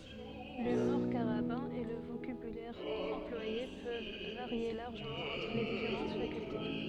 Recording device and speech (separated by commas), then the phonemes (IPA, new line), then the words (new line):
soft in-ear microphone, read sentence
lymuʁ kaʁabɛ̃ e lə vokabylɛʁ ɑ̃plwaje pøv vaʁje laʁʒəmɑ̃ ɑ̃tʁ le difeʁɑ̃t fakylte
L'humour carabin et le vocabulaire employé peuvent varier largement entre les différentes facultés.